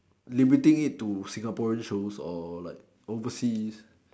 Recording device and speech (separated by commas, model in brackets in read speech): standing microphone, conversation in separate rooms